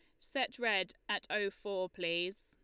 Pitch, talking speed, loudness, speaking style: 195 Hz, 160 wpm, -36 LUFS, Lombard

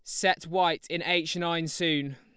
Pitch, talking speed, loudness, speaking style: 170 Hz, 185 wpm, -27 LUFS, Lombard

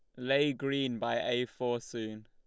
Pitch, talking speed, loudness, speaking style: 125 Hz, 175 wpm, -33 LUFS, Lombard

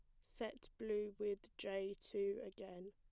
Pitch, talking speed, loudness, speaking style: 205 Hz, 135 wpm, -46 LUFS, plain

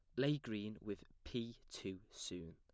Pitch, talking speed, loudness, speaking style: 105 Hz, 155 wpm, -45 LUFS, plain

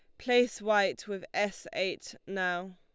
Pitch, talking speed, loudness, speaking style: 195 Hz, 140 wpm, -31 LUFS, Lombard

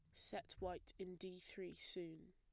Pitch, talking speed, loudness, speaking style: 185 Hz, 170 wpm, -51 LUFS, plain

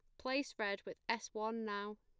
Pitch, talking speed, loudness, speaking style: 215 Hz, 200 wpm, -41 LUFS, plain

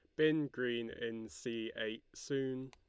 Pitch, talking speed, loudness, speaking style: 120 Hz, 145 wpm, -39 LUFS, Lombard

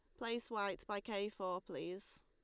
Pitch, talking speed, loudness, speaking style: 205 Hz, 175 wpm, -43 LUFS, Lombard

